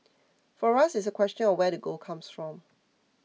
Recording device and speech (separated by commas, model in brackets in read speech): mobile phone (iPhone 6), read sentence